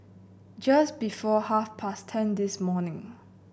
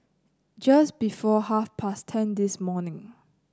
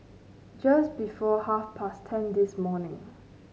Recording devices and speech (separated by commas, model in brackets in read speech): boundary microphone (BM630), close-talking microphone (WH30), mobile phone (Samsung C9), read sentence